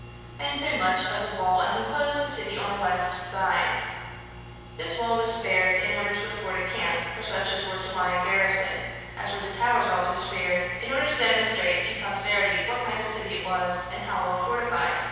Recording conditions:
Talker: one person; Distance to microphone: 7.1 m; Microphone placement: far; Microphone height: 1.7 m; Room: very reverberant, large; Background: none

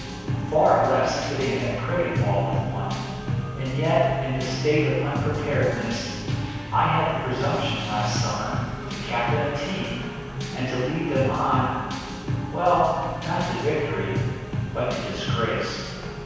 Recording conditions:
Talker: one person; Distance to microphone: 7.1 m; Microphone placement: far; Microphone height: 1.7 m; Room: very reverberant, large; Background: music

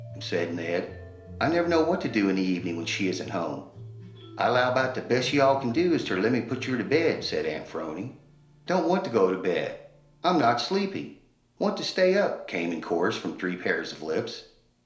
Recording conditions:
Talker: one person; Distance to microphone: 1.0 m; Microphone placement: close; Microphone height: 1.1 m; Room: small (3.7 m by 2.7 m); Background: music

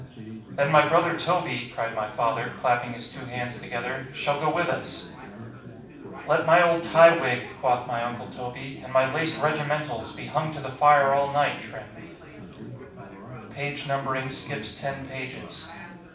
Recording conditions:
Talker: one person; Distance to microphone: 5.8 m; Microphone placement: far; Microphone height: 1.8 m; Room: medium-sized (5.7 m by 4.0 m); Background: babble

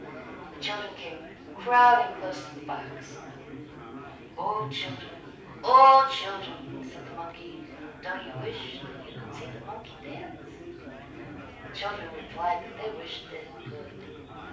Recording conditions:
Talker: one person; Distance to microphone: 5.8 m; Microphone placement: far; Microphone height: 1.8 m; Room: medium-sized (5.7 m by 4.0 m); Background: babble

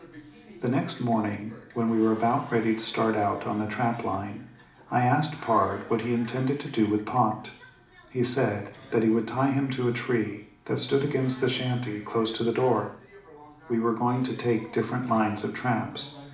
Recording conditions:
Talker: one person; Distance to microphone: 2.0 m; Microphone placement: close; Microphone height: 99 cm; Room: medium-sized (5.7 m by 4.0 m); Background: television

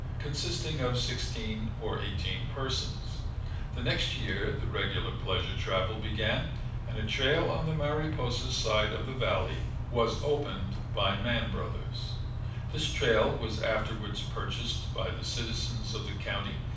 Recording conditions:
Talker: one person; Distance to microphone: 5.8 m; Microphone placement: far; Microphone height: 1.8 m; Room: medium-sized (5.7 m by 4.0 m); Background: none

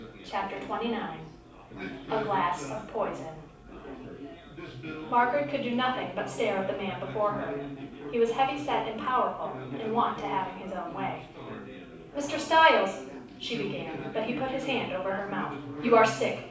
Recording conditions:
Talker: one person; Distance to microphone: 5.8 m; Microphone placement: far; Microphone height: 1.8 m; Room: medium-sized (5.7 m by 4.0 m); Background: babble

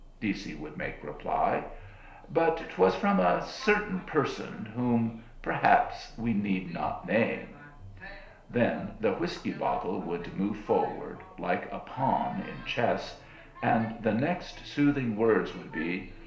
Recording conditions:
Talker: one person; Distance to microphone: 1.0 m; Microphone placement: close; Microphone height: 1.1 m; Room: small (3.7 m by 2.7 m); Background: television

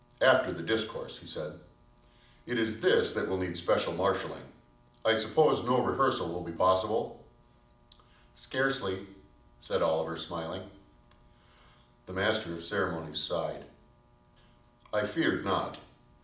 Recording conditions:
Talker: one person; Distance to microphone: 2.0 m; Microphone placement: close; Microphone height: 99 cm; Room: medium-sized (5.7 m by 4.0 m); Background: none

